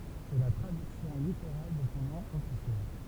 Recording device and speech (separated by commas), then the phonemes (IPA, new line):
temple vibration pickup, read sentence
sɛ la tʁadyksjɔ̃ liteʁal də sɔ̃ nɔ̃ ɔfisjɛl